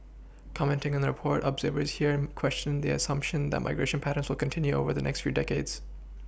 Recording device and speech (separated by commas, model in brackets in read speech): boundary microphone (BM630), read sentence